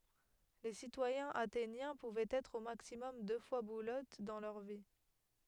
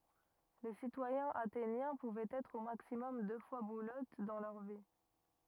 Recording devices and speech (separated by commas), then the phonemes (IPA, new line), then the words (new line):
headset microphone, rigid in-ear microphone, read sentence
le sitwajɛ̃z atenjɛ̃ puvɛt ɛtʁ o maksimɔm dø fwa buløt dɑ̃ lœʁ vi
Les citoyens athéniens pouvaient être au maximum deux fois bouleutes dans leur vie.